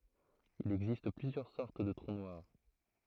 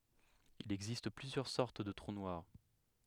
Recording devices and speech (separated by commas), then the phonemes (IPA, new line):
throat microphone, headset microphone, read sentence
il ɛɡzist plyzjœʁ sɔʁt də tʁu nwaʁ